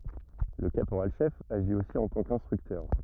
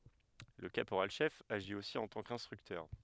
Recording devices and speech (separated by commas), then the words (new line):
rigid in-ear microphone, headset microphone, read sentence
Le caporal-chef agit aussi en tant qu'instructeur.